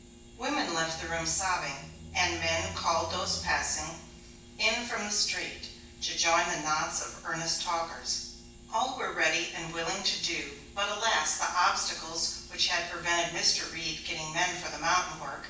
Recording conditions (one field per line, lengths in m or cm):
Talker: one person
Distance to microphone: 9.8 m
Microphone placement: far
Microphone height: 1.8 m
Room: large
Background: none